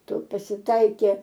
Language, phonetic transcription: Lithuanian, ˈtu pasiˈtaikė

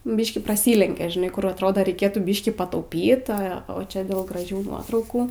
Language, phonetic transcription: Lithuanian, ˈbyškį praˈsylenkia žiˈnai ˈkur atˈrodo reiˈkėtų ˈbyškį patauˈpyt ˈa o ˈčia dėl graˈžių ˈnuotraukų

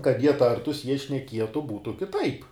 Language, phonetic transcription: Lithuanian, kad ˈjie ˈtartus ˈjie šneˈkietu ˈbūtu kiˈtaip

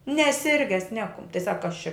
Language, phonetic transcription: Lithuanian, neˈsirges ˈnekum tai sak kas čia

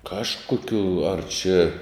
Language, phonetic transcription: Lithuanian, ˈkažˌkokiu ar čia

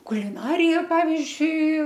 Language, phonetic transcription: Lithuanian, kuliˈnarija ˈpavizdžiui

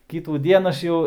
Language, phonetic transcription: Lithuanian, kitųˈdien aš ˈjau

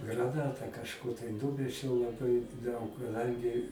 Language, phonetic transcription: Lithuanian, graˈnatą kažˈkur tai ˈnumečiau laˈbai daug kaˈdangi

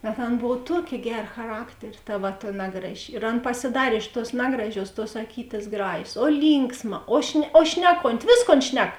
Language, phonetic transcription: Lithuanian, bet ˈan ˈbov ˈtuokė ˈgera chaˈrakterė ˈta va ta ˈnagraˌži ir ˈan pasiˈdarė iš tuos ˈnagraˌžiuos tuos aˈkytės ˈgražės o ˈlynksˌma o šne o ˈšneˌkonti ˈvėsˌkon ˈšnek

